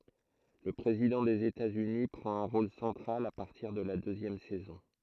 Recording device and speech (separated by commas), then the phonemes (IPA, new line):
throat microphone, read sentence
lə pʁezidɑ̃ dez etatsyni pʁɑ̃t œ̃ ʁol sɑ̃tʁal a paʁtiʁ də la døzjɛm sɛzɔ̃